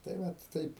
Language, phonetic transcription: Lithuanian, tai ˈvat ˈtaip

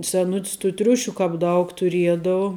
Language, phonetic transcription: Lithuanian, seˈnut's tų ˈtriušių ˈkāp ˈdaug tuˈriedau

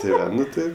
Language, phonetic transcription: Lithuanian, ti ˈva ˈnu ˈtɜ

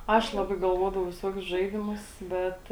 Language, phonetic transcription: Lithuanian, ˈaš ˈlabai galˈvodavau viˈsuokius ˈžaidimus ˈbet

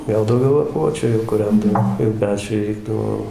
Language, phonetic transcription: Lithuanian, ˈgal dauˈgiau laˈpuočiu jau kuˈrendavo jau ˈpečiui ˈreikdavo

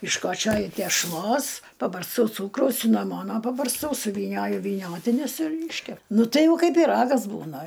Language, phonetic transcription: Lithuanian, iškoˈčioju tešˈlos pabarsˈtau ˈcūkraus sinaˈmono pabarsˈtau suvyˈnioju vyˈniotinius ir ˈyškep ˈnu tai ˈjau ˈkaip pyˈragas ˈbūna

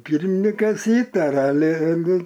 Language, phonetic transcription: Lithuanian, ˈpyrminikas ˈįtartr aˈli aˈli

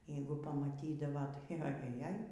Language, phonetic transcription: Lithuanian, ˈjeigu pamaˈtydavo tai a jaˈjaj

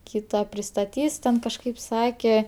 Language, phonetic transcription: Lithuanian, ˈkyta pristaˈtys ten kažˈkaip ˈsake

